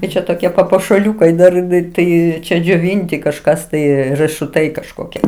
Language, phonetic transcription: Lithuanian, tai ˈčia toˈkie papuošaˈliūkai dar tai ˈčia džioˈvinti kažˈkas tai rɜšuˈtai kažˈkokie

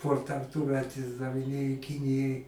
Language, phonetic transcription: Lithuanian, ˈkur ten tūˈmet išdaviˈnėjo ˈkinijai

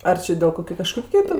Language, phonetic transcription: Lithuanian, ˈar či dėl ˈkokiu ˈkažkokiu ten

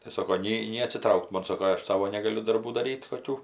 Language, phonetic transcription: Lithuanian, tai ˈsoko ˈnei nei atsiˈtraukt ˈmon ˈsoko ˈaš ˈsavo negaˈliu darˈbų daˈryt' koˈkių

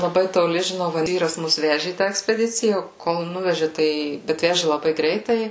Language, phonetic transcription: Lithuanian, laˈbai toˈli žiˈnau va ˈvyras ˈmus ˈveži į tą ekspeˈdicija kol ˈnuveži ˈtai ˈbet ˈveži laˈbai ˈgreitai

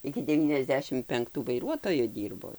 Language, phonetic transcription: Lithuanian, iki devyniasˈdešim penkˈtų vaiˈruotoju ˈdyrbo

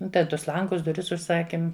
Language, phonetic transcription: Lithuanian, ˈda ˈtus ˈlangus duˈris užˈsakim

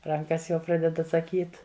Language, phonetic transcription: Lithuanian, ˈrankas jau ˈpraded atsaˈkyt

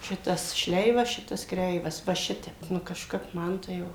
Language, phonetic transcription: Lithuanian, ˈšitas ˈšleivas ˈšitas ˈkreivas va ˈšitep ˈnu kažˈkap ˈman tai ˈjau

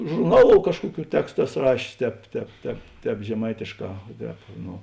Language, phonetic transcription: Lithuanian, žurˈnaˌlou ˈkažkuoˌkių ˈtekstu ˈeˌso ˈrašės ˈtēp ˈtēp ˈtēp ˈtēp žeˈmaitėšˌkā o ˈtēp no

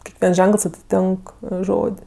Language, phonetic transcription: Lithuanian, kekˈviens ˈženkəls atiˈtink ˈžod'

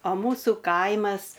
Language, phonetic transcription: Lithuanian, o ˈmūsu ˈkaimas

